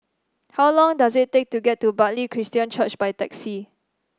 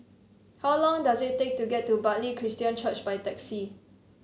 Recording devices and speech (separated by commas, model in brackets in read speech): standing microphone (AKG C214), mobile phone (Samsung C7), read sentence